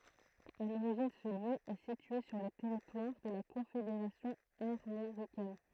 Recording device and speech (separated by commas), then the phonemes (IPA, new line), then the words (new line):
throat microphone, read sentence
a loʁiʒin sə ljø ɛ sitye syʁ lə tɛʁitwaʁ də la kɔ̃fedeʁasjɔ̃ aʁmoʁikɛn
À l'origine ce lieu est situé sur le territoire de la confédération armoricaine.